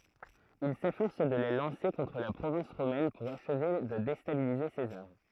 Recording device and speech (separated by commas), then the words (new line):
throat microphone, read sentence
Il s'efforce de les lancer contre la province romaine pour achever de déstabiliser César.